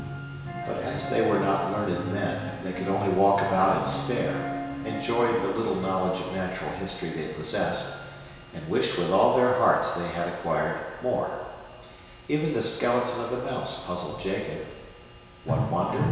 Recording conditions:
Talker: one person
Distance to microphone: 1.7 m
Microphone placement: close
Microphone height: 1.0 m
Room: very reverberant, large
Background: music

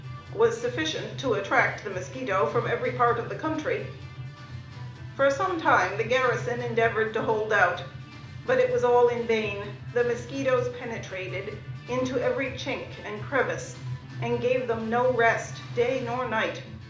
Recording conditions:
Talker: one person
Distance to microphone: 2.0 m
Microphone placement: close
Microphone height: 99 cm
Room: medium-sized (5.7 m by 4.0 m)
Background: music

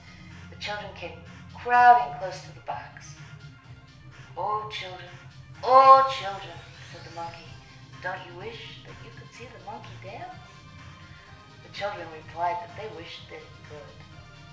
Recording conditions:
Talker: one person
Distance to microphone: 1.0 m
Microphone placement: close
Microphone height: 1.1 m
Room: small (3.7 m by 2.7 m)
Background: music

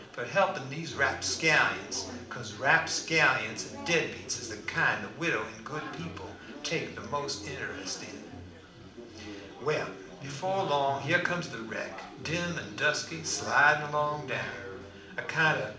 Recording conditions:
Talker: one person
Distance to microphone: 2.0 m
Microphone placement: close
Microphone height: 99 cm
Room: medium-sized (5.7 m by 4.0 m)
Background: babble

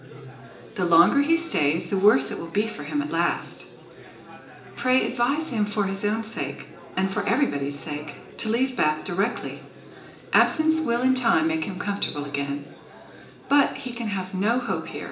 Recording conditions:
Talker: one person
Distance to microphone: 1.8 m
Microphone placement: close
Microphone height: 1.0 m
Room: large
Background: babble

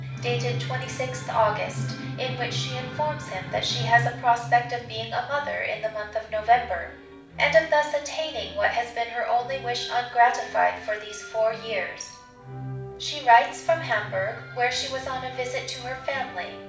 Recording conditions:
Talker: one person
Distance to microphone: 5.8 m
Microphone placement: far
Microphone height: 1.8 m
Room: medium-sized (5.7 m by 4.0 m)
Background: music

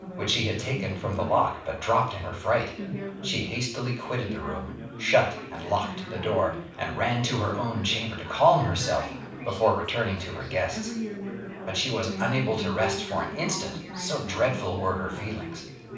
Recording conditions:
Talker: one person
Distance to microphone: 5.8 m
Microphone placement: far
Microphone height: 1.8 m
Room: medium-sized (5.7 m by 4.0 m)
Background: babble

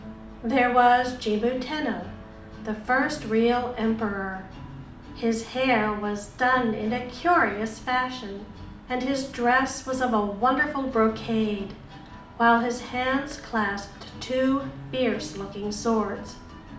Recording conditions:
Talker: one person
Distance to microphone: 2.0 m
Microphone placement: close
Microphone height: 99 cm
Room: medium-sized (5.7 m by 4.0 m)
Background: music

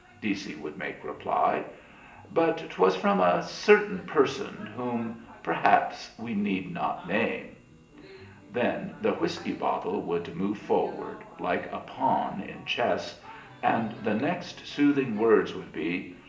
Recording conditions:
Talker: one person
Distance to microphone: 1.8 m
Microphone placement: close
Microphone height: 1.0 m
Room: large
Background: television

